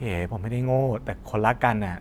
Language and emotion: Thai, frustrated